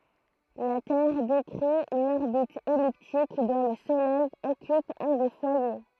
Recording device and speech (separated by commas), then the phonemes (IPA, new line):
throat microphone, read sentence
la tɛʁ dekʁi yn ɔʁbit ɛliptik dɔ̃ lə solɛj ɔkyp œ̃ de fwaje